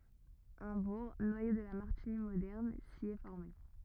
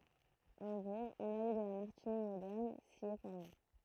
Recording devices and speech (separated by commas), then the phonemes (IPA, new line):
rigid in-ear microphone, throat microphone, read sentence
œ̃ buʁ nwajo də la maʁtiɲi modɛʁn si ɛ fɔʁme